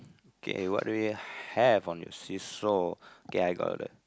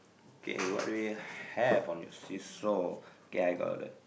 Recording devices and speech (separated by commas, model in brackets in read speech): close-talking microphone, boundary microphone, conversation in the same room